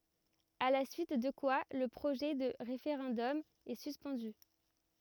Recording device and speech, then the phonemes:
rigid in-ear microphone, read sentence
a la syit də kwa lə pʁoʒɛ də ʁefeʁɑ̃dɔm ɛ syspɑ̃dy

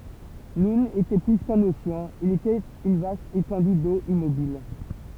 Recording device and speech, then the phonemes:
temple vibration pickup, read sentence
nun etɛ ply kœ̃n oseɑ̃ il etɛt yn vast etɑ̃dy do immobil

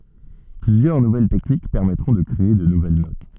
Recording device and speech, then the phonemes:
soft in-ear microphone, read sentence
plyzjœʁ nuvɛl tɛknik pɛʁmɛtʁɔ̃ də kʁee də nuvɛl not

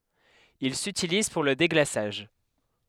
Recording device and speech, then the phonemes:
headset microphone, read sentence
il sytiliz puʁ lə deɡlasaʒ

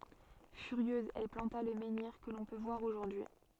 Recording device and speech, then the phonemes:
soft in-ear microphone, read sentence
fyʁjøz ɛl plɑ̃ta lə mɑ̃niʁ kə lɔ̃ pø vwaʁ oʒuʁdyi

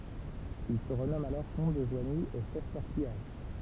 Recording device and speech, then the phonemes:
temple vibration pickup, read sentence
il sə ʁənɔmɑ̃t alɔʁ kɔ̃t də ʒwaɲi e sɛs lœʁ pijaʒ

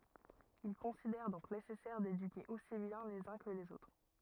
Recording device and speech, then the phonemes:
rigid in-ear microphone, read sentence
il kɔ̃sidɛʁ dɔ̃k nesɛsɛʁ dedyke osi bjɛ̃ lez œ̃ kə lez otʁ

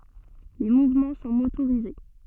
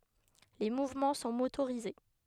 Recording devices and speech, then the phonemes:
soft in-ear microphone, headset microphone, read sentence
le muvmɑ̃ sɔ̃ motoʁize

